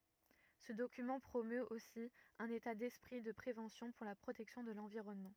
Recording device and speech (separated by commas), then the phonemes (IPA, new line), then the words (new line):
rigid in-ear microphone, read sentence
sə dokymɑ̃ pʁomøt osi œ̃n eta dɛspʁi də pʁevɑ̃sjɔ̃ puʁ la pʁotɛksjɔ̃ də lɑ̃viʁɔnmɑ̃
Ce document promeut aussi un état d’esprit de prévention pour la protection de l'environnement.